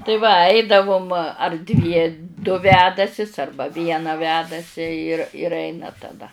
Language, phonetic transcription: Lithuanian, tai va ˈaidavum ar dvie du ˈvedasis ˈarba ˈviena ˈvedasi ir ir ˈeina taˈda

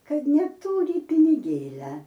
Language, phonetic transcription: Lithuanian, ˈkad neˈtūri piniˈgėlia

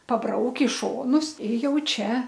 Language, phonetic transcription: Lithuanian, paˈbrauk' i ˈšonus i ˈjau ˈčia

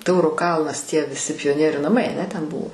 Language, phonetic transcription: Lithuanian, ˈtauro ˈkalnas tie viˈsi pijoˈnieriu naˈmai aˈne ˈten ˈbuvo

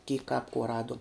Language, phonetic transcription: Lithuanian, kyk kap kuo ˈraduom

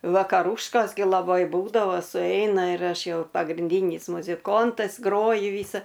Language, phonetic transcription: Lithuanian, vakaˈrūškos gi laˈbai ˈbūdavo suˈeina ir ˈaš ˈjau pagrinˈdynis muziˈkontas ˈgroju ˈvysa

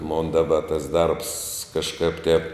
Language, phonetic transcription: Lithuanian, mon daˈba tas ˈdarbs kažˈkap tep

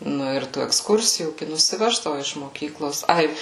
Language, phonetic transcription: Lithuanian, ˈnu ir tų eksˈkursijų gi nusiˈveždavu iš moˈkyklos ˈai

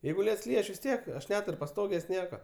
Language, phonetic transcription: Lithuanian, ˈjeigu ˈliets ˈlyj ˈaš vis ˈtiek aš ˈnetur' paˈstogės' ˈnieka

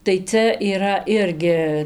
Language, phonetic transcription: Lithuanian, tai ˈcia yˈra ˈirgi

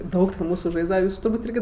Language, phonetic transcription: Lithuanian, ˈdaug ten ˈmūsu ˈžaisdava ˈjūsu turˈbūt' ˈirgi

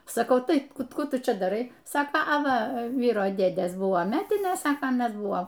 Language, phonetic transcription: Lithuanian, saˈkau ˈtai ˈkų ˈtu ˈčia daˈrai ˈsako a ˈva ˈvyro ˈdėdės ˈbuvo ˈmetinės ˈsaka aˈnas ˈbuvo

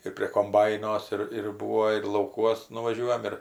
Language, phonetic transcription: Lithuanian, ir prie komˈbainos ir ir ˈbūo ir lauˈkuos nuvaˈžiuojam ir

